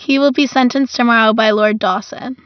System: none